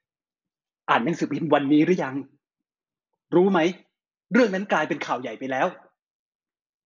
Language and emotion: Thai, frustrated